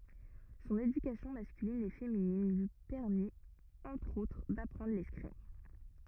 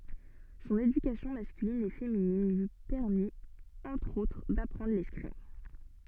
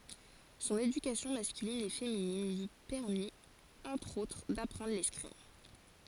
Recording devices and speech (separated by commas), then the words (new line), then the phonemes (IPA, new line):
rigid in-ear microphone, soft in-ear microphone, forehead accelerometer, read sentence
Son éducation masculine et féminine lui permit entre autres d'apprendre l'escrime.
sɔ̃n edykasjɔ̃ maskylin e feminin lyi pɛʁmit ɑ̃tʁ otʁ dapʁɑ̃dʁ lɛskʁim